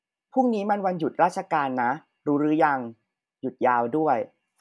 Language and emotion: Thai, neutral